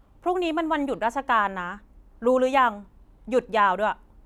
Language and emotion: Thai, frustrated